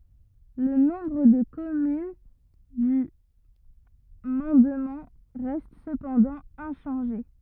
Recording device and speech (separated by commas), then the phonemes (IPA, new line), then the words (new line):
rigid in-ear microphone, read sentence
lə nɔ̃bʁ də kɔmyn dy mɑ̃dmɑ̃ ʁɛst səpɑ̃dɑ̃ ɛ̃ʃɑ̃ʒe
Le nombre de communes du mandement reste cependant inchangé.